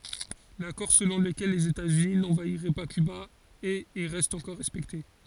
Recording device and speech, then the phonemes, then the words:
forehead accelerometer, read sentence
lakɔʁ səlɔ̃ ləkɛl lez etaz yni nɑ̃vaiʁɛ pa kyba ɛt e ʁɛst ɑ̃kɔʁ ʁɛspɛkte
L'accord selon lequel les États-Unis n'envahiraient pas Cuba est et reste encore respecté.

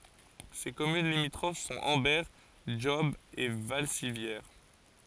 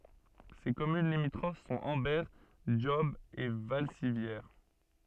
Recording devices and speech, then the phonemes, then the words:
forehead accelerometer, soft in-ear microphone, read sentence
se kɔmyn limitʁof sɔ̃t ɑ̃bɛʁ dʒɔb e valsivjɛʁ
Ses communes limitrophes sont Ambert, Job et Valcivières.

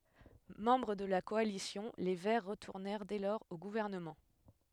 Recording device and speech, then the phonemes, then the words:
headset microphone, read sentence
mɑ̃bʁ də la kɔalisjɔ̃ le vɛʁ ʁətuʁnɛʁ dɛ lɔʁz o ɡuvɛʁnəmɑ̃
Membres de la coalition, les Verts retournèrent dès lors au gouvernement.

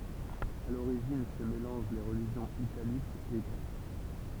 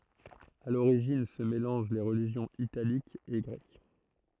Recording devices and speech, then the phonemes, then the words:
temple vibration pickup, throat microphone, read sentence
a loʁiʒin sə melɑ̃ʒ le ʁəliʒjɔ̃z italikz e ɡʁɛk
À l'origine se mélangent les religions italiques et grecques.

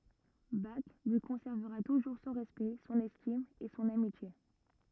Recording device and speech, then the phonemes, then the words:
rigid in-ear microphone, read sentence
bak lyi kɔ̃sɛʁvəʁa tuʒuʁ sɔ̃ ʁɛspɛkt sɔ̃n ɛstim e sɔ̃n amitje
Bach lui conservera toujours son respect, son estime et son amitié.

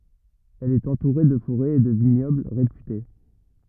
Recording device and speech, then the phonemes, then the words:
rigid in-ear microphone, read sentence
ɛl ɛt ɑ̃tuʁe də foʁɛz e də viɲɔbl ʁepyte
Elle est entourée de forêts et de vignobles réputés.

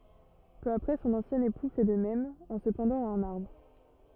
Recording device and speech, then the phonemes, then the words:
rigid in-ear microphone, read sentence
pø apʁɛ sɔ̃n ɑ̃sjɛ̃ epu fɛ də mɛm ɑ̃ sə pɑ̃dɑ̃t a œ̃n aʁbʁ
Peu après son ancien époux fait de même, en se pendant à un arbre.

